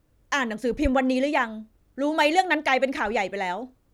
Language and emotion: Thai, frustrated